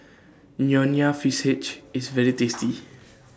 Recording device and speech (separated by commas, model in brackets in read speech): standing microphone (AKG C214), read sentence